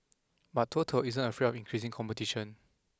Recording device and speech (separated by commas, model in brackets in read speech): close-talking microphone (WH20), read sentence